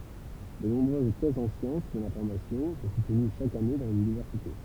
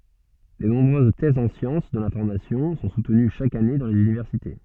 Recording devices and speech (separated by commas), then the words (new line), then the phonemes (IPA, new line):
temple vibration pickup, soft in-ear microphone, read sentence
De nombreuses thèses en sciences de l’information sont soutenues chaque année dans les universités.
də nɔ̃bʁøz tɛzz ɑ̃ sjɑ̃s də lɛ̃fɔʁmasjɔ̃ sɔ̃ sutəny ʃak ane dɑ̃ lez ynivɛʁsite